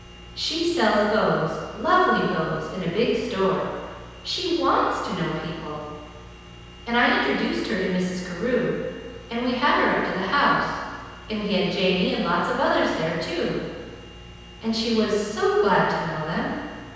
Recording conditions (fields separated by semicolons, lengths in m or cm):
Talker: one person; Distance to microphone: 7.1 m; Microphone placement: far; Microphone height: 1.7 m; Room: very reverberant, large; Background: none